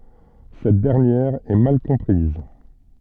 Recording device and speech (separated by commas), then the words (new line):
soft in-ear microphone, read sentence
Cette dernière est mal comprise.